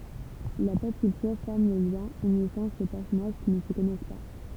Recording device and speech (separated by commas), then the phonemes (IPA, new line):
temple vibration pickup, read sentence
la pɔp kyltyʁ fɔʁm lə ljɛ̃ ynisɑ̃ se pɛʁsɔnaʒ ki nə sə kɔnɛs pa